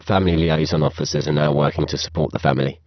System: VC, spectral filtering